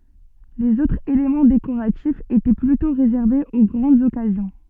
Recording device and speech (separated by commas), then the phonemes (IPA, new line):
soft in-ear microphone, read sentence
lez otʁz elemɑ̃ dekoʁatifz etɛ plytɔ̃ ʁezɛʁvez o ɡʁɑ̃dz ɔkazjɔ̃